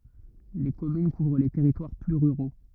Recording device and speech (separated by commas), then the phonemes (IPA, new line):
rigid in-ear microphone, read sentence
le kɔmyn kuvʁ le tɛʁitwaʁ ply ʁyʁo